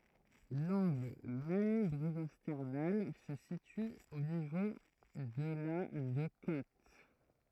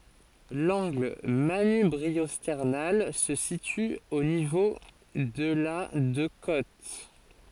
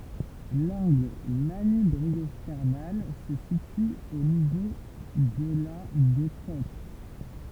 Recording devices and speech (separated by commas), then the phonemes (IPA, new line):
throat microphone, forehead accelerometer, temple vibration pickup, read sentence
lɑ̃ɡl manybʁiɔstɛʁnal sə sity o nivo də la də kot